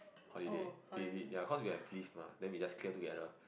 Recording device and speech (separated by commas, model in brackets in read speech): boundary microphone, conversation in the same room